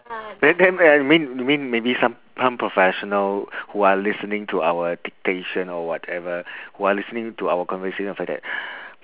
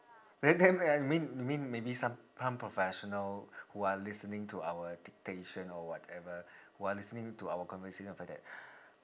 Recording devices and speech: telephone, standing microphone, conversation in separate rooms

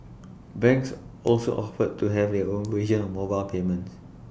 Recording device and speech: boundary microphone (BM630), read sentence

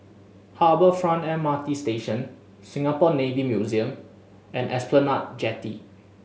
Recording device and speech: mobile phone (Samsung S8), read sentence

